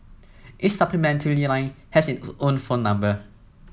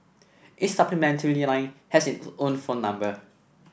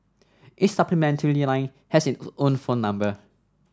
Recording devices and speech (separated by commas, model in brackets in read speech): mobile phone (iPhone 7), boundary microphone (BM630), standing microphone (AKG C214), read sentence